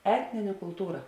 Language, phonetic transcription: Lithuanian, ˈetnine kulˈtūra

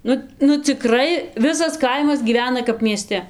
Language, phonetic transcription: Lithuanian, ˈnu nu ciˈkrai ˈvisas ˈkaimas gyˈvena kap mieˈste

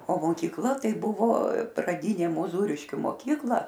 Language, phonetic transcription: Lithuanian, o mokykˈla ˈtai ˈbuvo praˈdynė muˈzūriškiu moˈkykla

